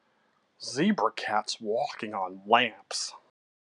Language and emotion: English, disgusted